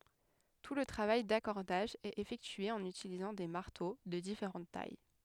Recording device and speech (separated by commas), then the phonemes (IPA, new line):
headset microphone, read sentence
tu lə tʁavaj dakɔʁdaʒ ɛt efɛktye ɑ̃n ytilizɑ̃ de maʁto də difeʁɑ̃t taj